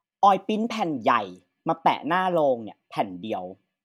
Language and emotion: Thai, angry